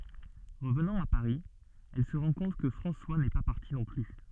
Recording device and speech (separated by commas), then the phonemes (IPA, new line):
soft in-ear microphone, read sentence
ʁəvnɑ̃ a paʁi ɛl sə ʁɑ̃ kɔ̃t kə fʁɑ̃swa nɛ pa paʁti nɔ̃ ply